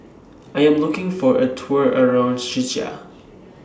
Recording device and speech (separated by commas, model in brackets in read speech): standing microphone (AKG C214), read sentence